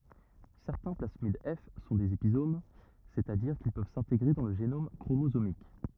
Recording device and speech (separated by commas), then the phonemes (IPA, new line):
rigid in-ear microphone, read sentence
sɛʁtɛ̃ plasmid ɛf sɔ̃ dez epizom sɛt a diʁ kil pøv sɛ̃teɡʁe dɑ̃ lə ʒenom kʁomozomik